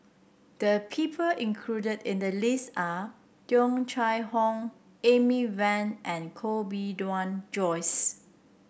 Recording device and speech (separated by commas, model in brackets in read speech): boundary microphone (BM630), read sentence